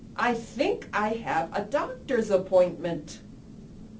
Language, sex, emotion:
English
female
neutral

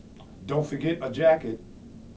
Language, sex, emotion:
English
male
neutral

